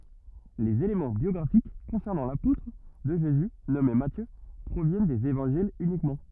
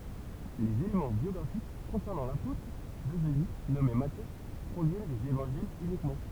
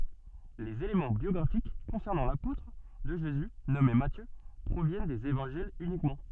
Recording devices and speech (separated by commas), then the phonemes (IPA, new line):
rigid in-ear microphone, temple vibration pickup, soft in-ear microphone, read sentence
lez elemɑ̃ bjɔɡʁafik kɔ̃sɛʁnɑ̃ lapotʁ də ʒezy nɔme matjø pʁovjɛn dez evɑ̃ʒilz ynikmɑ̃